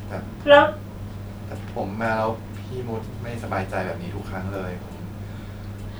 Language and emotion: Thai, sad